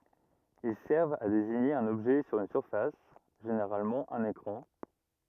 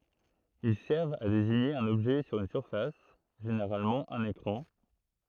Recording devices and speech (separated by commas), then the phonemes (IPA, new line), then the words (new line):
rigid in-ear microphone, throat microphone, read sentence
il sɛʁvt a deziɲe œ̃n ɔbʒɛ syʁ yn syʁfas ʒeneʁalmɑ̃ œ̃n ekʁɑ̃
Ils servent à désigner un objet sur une surface — généralement un écran.